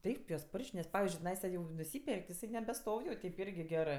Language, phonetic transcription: Lithuanian, ˈtaip juos ˈporš'k' nes ˈpavizdžiui tiˈnaisa jau nuˈsyper'k' ti iˈsai nebeˈstov' jau ˈteip ˈirgi ˈgerɜ

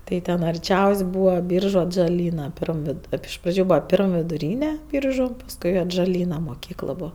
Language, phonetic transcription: Lithuanian, ˈtai ten arˈčiaus' ˈbūva ˈbyržu atžaˈlyna ˈpirm viˈdu ˈtaip iš ˈpradžiu ˈbūva ˈpirm viduˈryne ˈbyržu pasˈkui atžaˈlyna moˈkykl ˈbūva

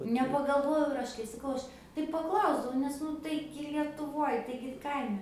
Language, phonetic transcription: Lithuanian, nepagalˈvojau ir ˈaš kai saˈkau ˈaš tai paˈklausdavau nes ˈnu ˈtaigi lietuˈvoj ˈtaigi ˈkaime

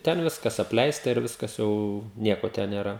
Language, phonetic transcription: Lithuanian, ˈten ˈviskas apˈleista ir ˈviskas jau ˈnieko ten nėˈra

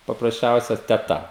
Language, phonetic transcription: Lithuanian, paprasˈčiausia teˈta

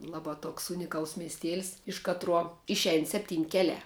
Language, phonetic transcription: Lithuanian, ˈlaˌbā ˈtoks ˈunikals miesˈtėls iš ˈkatruo ˈišein ˈseptyn' ˈkeliā

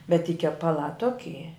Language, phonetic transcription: Lithuanian, bet ty kepaˈlā ˈtoki

